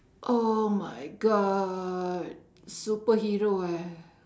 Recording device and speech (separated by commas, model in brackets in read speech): standing microphone, conversation in separate rooms